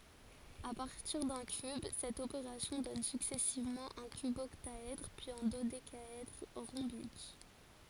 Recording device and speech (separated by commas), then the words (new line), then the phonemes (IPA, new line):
forehead accelerometer, read sentence
À partir d'un cube, cette opération donne successivement un cuboctaèdre, puis un dodécaèdre rhombique.
a paʁtiʁ dœ̃ kyb sɛt opeʁasjɔ̃ dɔn syksɛsivmɑ̃ œ̃ kybɔktaɛdʁ pyiz œ̃ dodekaɛdʁ ʁɔ̃bik